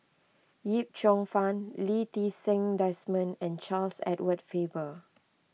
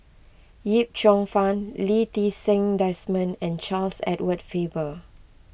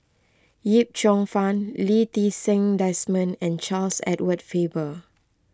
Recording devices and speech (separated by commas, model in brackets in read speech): mobile phone (iPhone 6), boundary microphone (BM630), close-talking microphone (WH20), read sentence